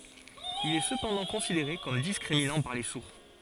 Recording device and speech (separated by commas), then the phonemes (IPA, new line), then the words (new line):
forehead accelerometer, read sentence
il ɛ səpɑ̃dɑ̃ kɔ̃sideʁe kɔm diskʁiminɑ̃ paʁ le suʁ
Il est cependant considéré comme discriminant par les sourds.